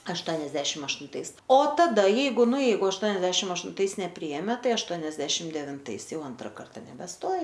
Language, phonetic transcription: Lithuanian, ašˈtoniasdešim aštunˈtais o taˈda ˈjeigu ˈnu ˈjeigu ašˈtoniasdešim aštunˈtais neˈpryėme ˈtai ašˈtoniasdešim devinˈtais ˈjau ˈantra ˈkarta nebeˈstoji

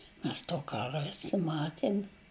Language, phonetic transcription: Lithuanian, ˈmes to ˈkara ˈesam ˈmaten'

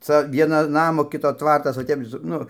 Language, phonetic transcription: Lithuanian, ˈca ˈvieno ˈnamo ˈkito ˈtvartas o ˈtep su ˈnu

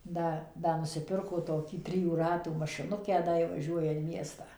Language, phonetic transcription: Lithuanian, ˈda ˈda nusiˈpirko toˈkį ˈtrijų ˈratų mašiˈnukę ˈda ji vaˈžiuoja in ˈmiestą

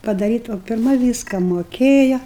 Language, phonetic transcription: Lithuanian, padaˈryta o pirˈma ˈvyska moˈkėja

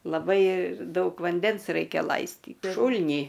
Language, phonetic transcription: Lithuanian, laˈbai ˈdaug vanˈdens ˈraikia ˈlaistyt ˈšūl'nį

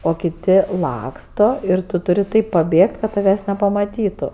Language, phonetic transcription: Lithuanian, o kiˈti ˈlaksto ir ˈtu tuˈri ˈtaip paˈbėgt kad taˈvęs nepamaˈtytu

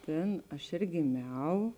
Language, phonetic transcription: Lithuanian, ˈtėn ˈaš ėr gėˈmiau

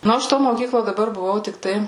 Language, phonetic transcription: Lithuanian, ˈnu aš to moˈkyklo daˈbar buˈvau tikˈtai

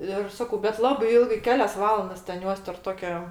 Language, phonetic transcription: Lithuanian, ir ˈsakau bet ˈlabai ˈilgaiɜ ˈkelias ˈvalandas ten ˈjuos terp ˈtokio

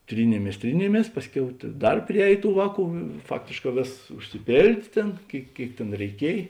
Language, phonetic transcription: Lithuanian, ˈtrynėmės ˈtrynėmės ˈpasˌkiau ta ˈdar priˈēj ˈtų ˈvāˌkų ˈfaktėšˌkā ˈvėsas užsiˈpėldė ˈtėn ˈkėik ˈkėik tėn reiˈkiej

